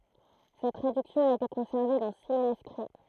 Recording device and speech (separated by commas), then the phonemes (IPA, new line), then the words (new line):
throat microphone, read sentence
sɛt tʁadyksjɔ̃ a ete kɔ̃sɛʁve dɑ̃ si manyskʁi
Cette traduction a été conservée dans six manuscrits.